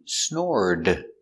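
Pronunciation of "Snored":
The t in 'snort' changes to a d sound, so it sounds like 'snord'.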